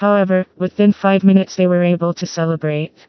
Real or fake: fake